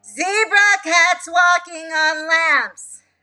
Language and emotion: English, fearful